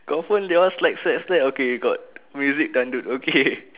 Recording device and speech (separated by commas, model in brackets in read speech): telephone, conversation in separate rooms